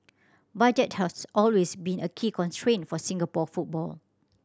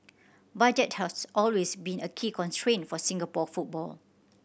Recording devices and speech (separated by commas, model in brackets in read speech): standing microphone (AKG C214), boundary microphone (BM630), read sentence